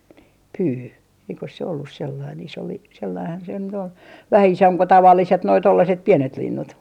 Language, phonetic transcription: Finnish, nii , "pyy , eikos se ollus 'sellain iso 'li- , sellaihan se nyt ‿ol , "vähä 'isomp ko 'tavalliset noi 'tollaset "piɛnet 'linnut .
- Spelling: niin pyy eikös se ollut sellainen iso - sellainenhan se nyt oli vähän isompi kuin tavalliset nuo tuollaiset pienet linnut

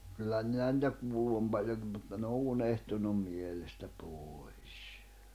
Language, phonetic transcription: Finnish, kyllä minä nⁱtä 'kuullu oom paĺjoŋkim mutta ne o 'unehtunum 'mielestä 'pooi̬s .
- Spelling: kyllä minä niitä kuullut olen paljonkin mutta ne on unohtunut mielestä pois

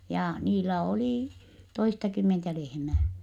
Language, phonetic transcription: Finnish, ja , niillä olì , toistakymmentä lehmää .
- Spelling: ja niillä oli toistakymmentä lehmää

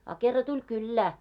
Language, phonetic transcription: Finnish, a kerra 'tuĺ "kyllää .
- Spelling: a kerran tuli kylään

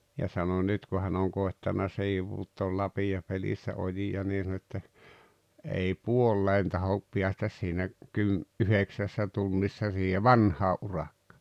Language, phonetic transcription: Finnish, ja sano 'nyt ku hän ‿oŋ 'kòettana 'siivuuttool 'lapijapelissä 'oji₍a nii sᵃno että , » ei "puolleen 'tahop 'piästäs siinä , 'kym- , "’yheksässä 'tunnissa siihe "vanhaa’ '’urakkᴀ « .
- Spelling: ja sanoi nyt kun hän on koettanut sivuuttaa lapiopelissä ojia niin sanoi että ei puoleen tahdo päästä siinä - yhdeksässä tunnissa siihen vanhaan urakka

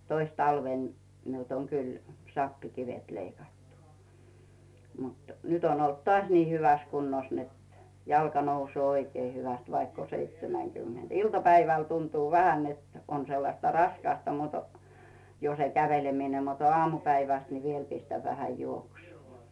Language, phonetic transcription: Finnish, 'tois talvèn , 'miult oŋ 'kyl , "sappi'kivet 'leikattu , mut , 'nyt ‿on ‿olt "toàś nii hyväs kunnos net , 'jalka 'nousᵘoo "oikee 'hyväst vaikk ‿o 'seitsemäŋkymmenD "ilta-päiväl 'tuntuu 'vähän net , on 'sellasta "raskasta mut , jo 'se "kävelemine mut , 'ᵒaamupäiväst ni 'viel 'pistäv vähä "juoksuu .
- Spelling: toissa talvena minulta on kyllä sappikivet leikattu mutta nyt on ollut taas niin hyvässä kunnossa että jalka nousee oikein hyvästi vaikka on seitsemänkymmentä iltapäivällä tuntuu vähän että on sellaista raskasta mutta jo se käveleminen mutta aamupäivästä niin vielä pistän vähän juoksua

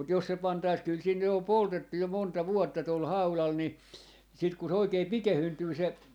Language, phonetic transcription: Finnish, mut 'jos se 'pantais kyl siin ny om "poltettu 'jo 'monta "vuotta tol 'haulal ni , sit ku se 'oikee "pikehyntyy se ,.
- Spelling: mutta jos se pantaisiin kyllä siinä nyt on poltettu jo monta vuotta tuolla haudalla niin sitten kun se oikein pikeentyy se

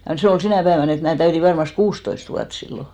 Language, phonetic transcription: Finnish, ja 'se ol 'sinä̀ päevän ‿et mää 'täyti varmast "kuustoist vuat 'sillo .
- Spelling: ja se oli sinä päivänä että minä täytin varmasti kuusitoista vuotta silloin

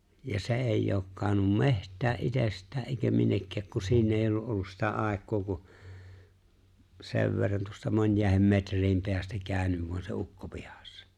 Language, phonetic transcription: Finnish, ja 'se "eeⁱjj ‿ook 'kaaᵒnnum "meht̀ää '’itest̀ää’ ’èi̬kä 'minnekkääk ku 'siin ‿eeⁱjj ‿oo’ ’ollus sitä '’àek̆koo ku , 'sev verran tuosta 'mońjàehem 'metr̀iim peästä 'kääʸnyv voan se 'ukko 'pihᴀssᴀ .
- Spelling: ja se ei ole kadonnut metsään itsestään eikä minnekään kun siinä ei ole ollut sitä aikaa kuin sen verran tuosta monien metrien päästä käynyt vain se ukko pihassa

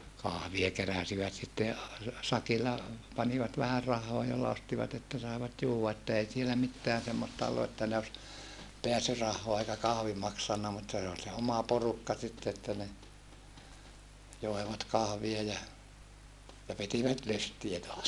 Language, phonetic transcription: Finnish, kahvie keräsivät sitte a- , sakilla , panivat vähär rahhoo jolla ostivat ‿että saevat juuwwa että ei sielä mitteän semmosta ollu että ne os , peäsyrahhoa eikä kahvi maksanna mutta se ol se oma porukka sitte että ne , joevat kahvie ja , ja pitivät lystiä toas .
- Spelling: kahvia keräsivät sitten - sakilla panivat vähän rahaa jolla ostivat että saivat juoda että ei siellä mitään semmoista ollut että ne olisi pääsyrahaa eikä kahvi maksanut mutta se oli se oma porukka sitten että ne joivat kahvia ja ja pitivät lystiä taas

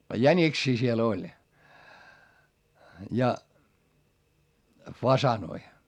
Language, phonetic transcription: Finnish, jäńiksii siel ‿oĺ , ja , fasanoi .
- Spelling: jäniksiä siellä oli ja faasaneja

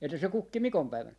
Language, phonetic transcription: Finnish, että se 'kukki "mikompäivän .
- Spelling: että se kukki mikonpäivänä

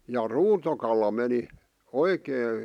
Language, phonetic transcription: Finnish, ja "ruutokala meni , "oikee ,.
- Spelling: ja ruutokala meni oikein

